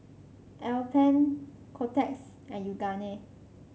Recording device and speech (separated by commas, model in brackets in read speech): mobile phone (Samsung C5), read sentence